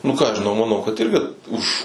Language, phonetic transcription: Lithuanian, nu ką aš žiˈnau maˈnau kad ˈirgi už

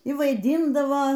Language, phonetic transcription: Lithuanian, y vaiˈdyndavo

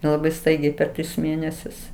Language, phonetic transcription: Lithuanian, laˈbai ˈstaigiai per ˈtris ˈmėnesius

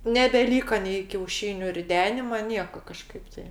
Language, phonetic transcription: Lithuanian, nebeˈlyka nei kiauˈšyniu riˈdenima ˈnieka kaˈžkaip tai

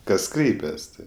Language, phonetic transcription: Lithuanian, kas ˈkreipias ˈtai

